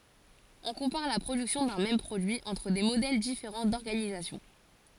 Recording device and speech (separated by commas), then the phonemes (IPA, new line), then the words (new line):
forehead accelerometer, read sentence
ɔ̃ kɔ̃paʁ la pʁodyksjɔ̃ dœ̃ mɛm pʁodyi ɑ̃tʁ de modɛl difeʁɑ̃ dɔʁɡanizasjɔ̃
On compare la production d'un même produit entre des modèles différents d'organisation.